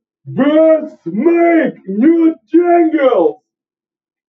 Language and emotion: English, disgusted